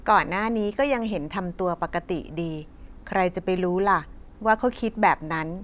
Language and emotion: Thai, neutral